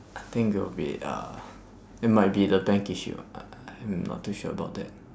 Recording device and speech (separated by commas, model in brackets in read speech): standing microphone, conversation in separate rooms